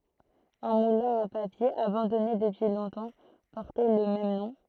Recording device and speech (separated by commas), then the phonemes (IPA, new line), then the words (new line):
throat microphone, read sentence
œ̃ mulɛ̃ a papje abɑ̃dɔne dəpyi lɔ̃tɑ̃ pɔʁtɛ lə mɛm nɔ̃
Un moulin à papier, abandonné depuis longtemps, portait le même nom.